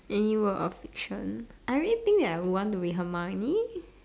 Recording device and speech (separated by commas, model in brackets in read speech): standing microphone, conversation in separate rooms